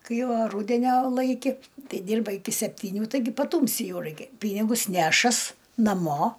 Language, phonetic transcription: Lithuanian, ˈkai o ˈrūdenio ˈlaiki ˈtei ˈdyrba iˈki septyˈnių taiˈgi paˈtūmsi ˈjau ˈraikia ˈpynigus ˈnešas naˈmo

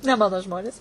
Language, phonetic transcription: Lithuanian, ne ˈmano ˈžmonės

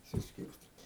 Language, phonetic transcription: Lithuanian, suˈskirstyti

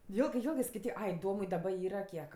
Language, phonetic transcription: Lithuanian, ˈjėlgɜ ˈjėlgɜ skaiˈtyk ˈai ˈdomui daˈba ˈyra ˈkiek

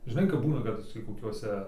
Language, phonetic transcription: Lithuanian, žiˈnai kap ˈbūna ˈkad tį koˈkiuose

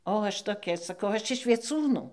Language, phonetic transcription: Lithuanian, o ˈaš toˈkia saˈkau ˈaš iš vieˈcūnų

